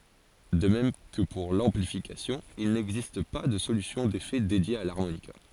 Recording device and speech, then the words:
forehead accelerometer, read sentence
De même que pour l'amplification, il n'existe pas de solution d'effets dédiée à l'harmonica.

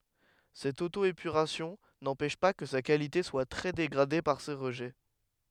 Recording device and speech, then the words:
headset microphone, read sentence
Cette auto-épuration n'empêche pas que sa qualité soit très dégradée par ces rejets.

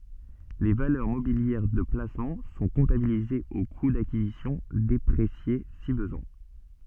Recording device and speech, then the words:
soft in-ear microphone, read sentence
Les valeurs mobilières de placement sont comptabilisées au coût d'acquisition déprécié si besoin.

